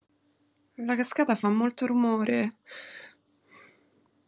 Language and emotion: Italian, fearful